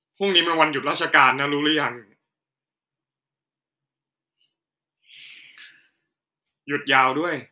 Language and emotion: Thai, frustrated